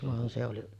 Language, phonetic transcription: Finnish, 'van se oli ,.
- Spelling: vaan se oli

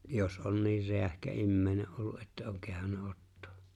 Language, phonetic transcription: Finnish, jos '’on 'niir 'reähkä 'immeeⁱne’ ’ollu ’että oŋ 'kehanna 'ottᴏᴏ .
- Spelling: jos on niin räähkä ihminen ollut että on kehdannut ottaa

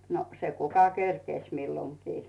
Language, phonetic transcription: Finnish, no , se 'kuka "kerkèś milloŋkii .
- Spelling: no se kuka kerkesi milloinkin

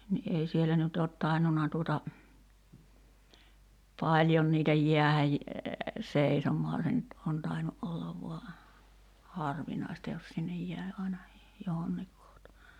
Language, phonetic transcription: Finnish, ni ’ei 'sielä nyt oot 'tainnuna tuota , 'paĺjon niitä 'jiähäj , 'seisom̀oa se nyt on tainu '’ollav voa , 'harvinài̬sta jos sinnej 'jä̀i̬ aina , 'johonniik kohta .
- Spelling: niin ei siellä nyt ole tainnut tuota paljon niitä jäädä seisomaan se nyt on tainnut olla vain harvinaista jos sinne jäi aina johonkin kohta

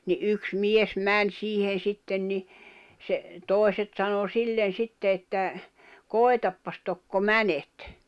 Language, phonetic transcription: Finnish, ni "yks 'mies 'män 'siihen̬ 'sitten ni , se , 'tòi̬set sano "sillen̬ 'sitte että , » "kòi̬tappas tokko "mänet « .
- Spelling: niin yksi mies meni siihen sitten niin se toiset sanoi sille sitten että koetapa tokko menet

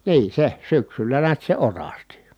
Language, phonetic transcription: Finnish, nii se , syksyllä niät se orasti .
- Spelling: niin se syksyllä näet se orasti

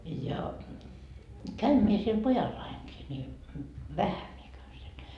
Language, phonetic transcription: Finnish, ja , 'käym mie siel 'pojallaiŋkii ni , "vähä mie käyn siel .
- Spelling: ja käyn minä siellä pojallanikin niin vähän minä käyn siellä

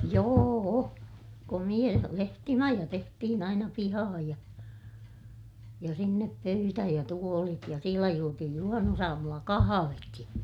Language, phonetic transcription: Finnish, joo₍o , komiʲa lehtimaja tehtihin ‿aina pihahaj ja , ja sinnep pöytä ja tuolit ja sielä juotihij juhannusaamulla kahavekki .
- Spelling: joo komea lehtimaja tehtiin aina pihaan ja ja sinne pöytä ja tuolit ja siellä juotiin juhannusaamulla kahvikin

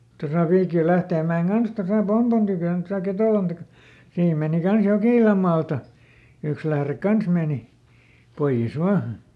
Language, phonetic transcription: Finnish, tosa ˈViikil "Lähteemmä₍eŋ ˈkans tosa "Pompon tykö̀n tosa ˈKetòlan taka- , ˈsiim mèni ˈkans "Jokìlam maalta , ˈyks lährek ˈkans mèni , ˈpoiʲes ˈvaa .
- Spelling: tuossa Viikin Lähteenmäen kanssa tuossa Pompon tykönä tuossa Ketolan - siinä meni kanssa Jokilan maalta yksi lähde kanssa meni pois vain

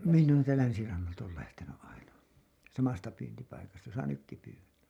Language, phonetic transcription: Finnish, miǹ ‿oon täältä "länsirannalta ool lähtenyˀ ˀaina , 'samasta pyyntipaikasta josa 'nykki pyywä(mmä) .
- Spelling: minä olen täältä länsirannalta olen lähtenyt aina samasta pyyntipaikasta jossa nytkin pyydämme

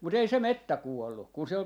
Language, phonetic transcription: Finnish, 'mut ‿ei se "mettä 'kuollu , kun se ‿ol , .
- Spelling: mutta ei se metsä kuollut kun se oli

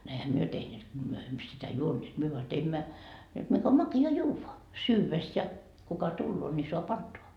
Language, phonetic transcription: Finnish, ne ehä "myö 'tehneet ko myö emmö sitä "juonneet myö voa 'teimmä , jot mik ‿om maki₍a "juuvva , 'syyves ja kuka 'tulloo ńi soa"p ‿antoa .
- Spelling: ne eihän me tehneet kun me emme sitä juoneet me vain teimme jotta mikä on makea juoda syödessä ja kuka tulee niin saa antaa

